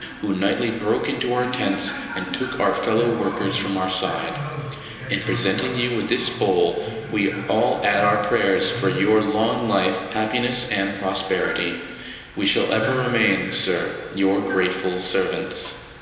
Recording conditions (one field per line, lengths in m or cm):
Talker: one person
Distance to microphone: 1.7 m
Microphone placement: close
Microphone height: 1.0 m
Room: very reverberant, large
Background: television